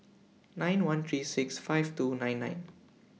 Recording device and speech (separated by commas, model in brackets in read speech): mobile phone (iPhone 6), read sentence